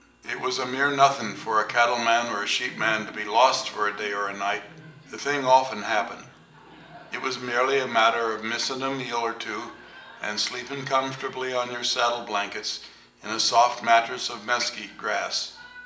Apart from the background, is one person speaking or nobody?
One person.